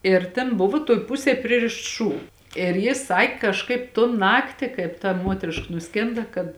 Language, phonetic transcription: Lithuanian, ir ˈten ˈbuva tuoj ˈpusėj ˈpririšts ˈšū ir ˈjis ˈsak' kažˈkaip ton ˈnakti ˈkaip ta ˈmuotriška nuˈskėnda kad

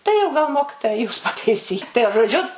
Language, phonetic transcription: Lithuanian, tai jau gal ˈmokitoja jūs pataiˈsy tai jau žoˈdžiu

